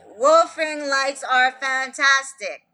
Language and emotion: English, sad